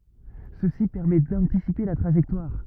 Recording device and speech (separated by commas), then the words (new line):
rigid in-ear microphone, read sentence
Ceci permet d'anticiper la trajectoire.